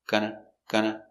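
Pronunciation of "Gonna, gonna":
'Going to' is said as 'gonna', and it is said very short, twice.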